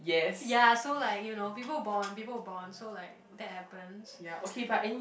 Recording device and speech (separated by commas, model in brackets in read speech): boundary microphone, conversation in the same room